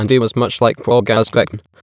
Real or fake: fake